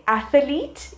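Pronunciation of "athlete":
'Athlete' is pronounced incorrectly here.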